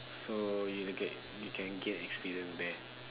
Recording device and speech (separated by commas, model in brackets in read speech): telephone, conversation in separate rooms